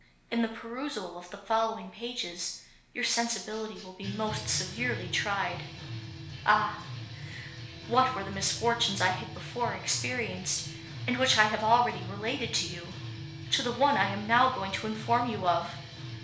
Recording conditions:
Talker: one person; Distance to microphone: 1.0 m; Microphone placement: close; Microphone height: 1.1 m; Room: small (3.7 m by 2.7 m); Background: music

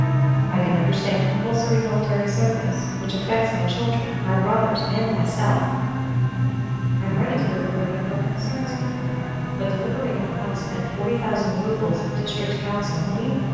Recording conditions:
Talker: one person; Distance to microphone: 7.1 m; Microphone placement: far; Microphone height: 1.7 m; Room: very reverberant, large; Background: television

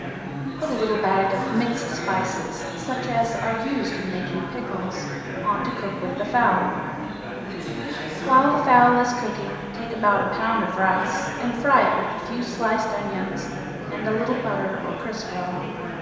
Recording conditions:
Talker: one person; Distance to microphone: 1.7 m; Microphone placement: close; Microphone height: 1.0 m; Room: very reverberant, large; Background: babble

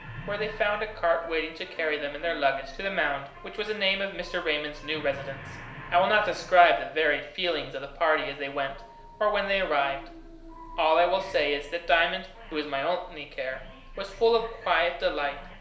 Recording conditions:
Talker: one person; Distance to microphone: 1.0 m; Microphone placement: close; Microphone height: 1.1 m; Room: small (3.7 m by 2.7 m); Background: television

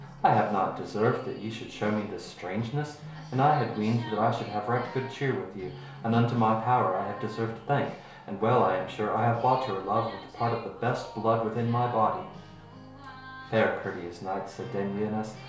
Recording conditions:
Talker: one person; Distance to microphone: 1.0 m; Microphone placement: close; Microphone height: 1.1 m; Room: small (3.7 m by 2.7 m); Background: music

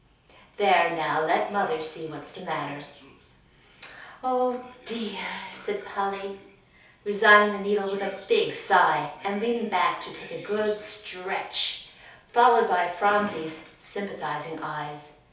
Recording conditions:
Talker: one person; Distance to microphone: 3.0 m; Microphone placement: far; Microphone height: 1.8 m; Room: small (3.7 m by 2.7 m); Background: television

